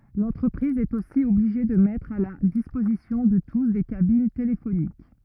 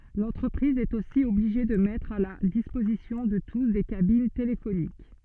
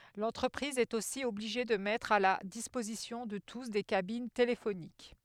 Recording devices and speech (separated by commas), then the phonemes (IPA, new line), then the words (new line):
rigid in-ear microphone, soft in-ear microphone, headset microphone, read sentence
lɑ̃tʁəpʁiz ɛt osi ɔbliʒe də mɛtʁ a la dispozisjɔ̃ də tus de kabin telefonik
L'entreprise est aussi obligée de mettre à la disposition de tous des cabines téléphoniques.